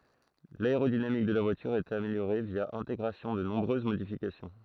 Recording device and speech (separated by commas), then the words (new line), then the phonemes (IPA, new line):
throat microphone, read sentence
L'aérodynamique de la voilure est améliorée via intégration de nombreuses modifications.
laeʁodinamik də la vwalyʁ ɛt ameljoʁe vja ɛ̃teɡʁasjɔ̃ də nɔ̃bʁøz modifikasjɔ̃